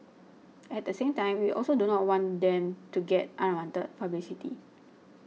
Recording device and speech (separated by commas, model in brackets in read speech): mobile phone (iPhone 6), read sentence